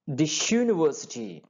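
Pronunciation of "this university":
In 'this university', the two words are joined, and the s at the end of 'this' becomes an sh sound before 'university'.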